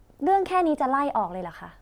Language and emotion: Thai, frustrated